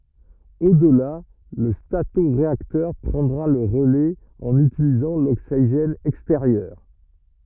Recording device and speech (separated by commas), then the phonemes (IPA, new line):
rigid in-ear microphone, read sentence
odla lə statoʁeaktœʁ pʁɑ̃dʁa lə ʁəlɛz ɑ̃n ytilizɑ̃ loksiʒɛn ɛksteʁjœʁ